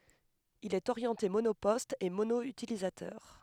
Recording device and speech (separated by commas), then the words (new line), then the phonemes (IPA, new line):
headset microphone, read sentence
Il est orienté monoposte et mono-utilisateur.
il ɛt oʁjɑ̃te monopɔst e mono ytilizatœʁ